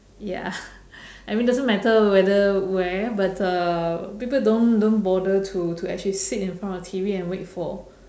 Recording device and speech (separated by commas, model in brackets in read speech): standing microphone, conversation in separate rooms